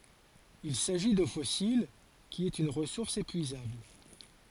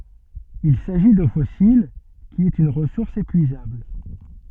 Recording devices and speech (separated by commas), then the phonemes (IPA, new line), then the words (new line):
forehead accelerometer, soft in-ear microphone, read sentence
il saʒi do fɔsil ki ɛt yn ʁəsuʁs epyizabl
Il s'agit d'eau fossile, qui est une ressource épuisable.